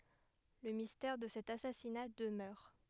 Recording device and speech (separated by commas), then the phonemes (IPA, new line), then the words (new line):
headset microphone, read sentence
lə mistɛʁ də sɛt asasina dəmœʁ
Le mystère de cet assassinat demeure.